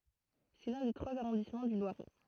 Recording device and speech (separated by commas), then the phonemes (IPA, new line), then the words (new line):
throat microphone, read sentence
sɛ lœ̃ de tʁwaz aʁɔ̃dismɑ̃ dy lwaʁɛ
C'est l'un des trois arrondissements du Loiret.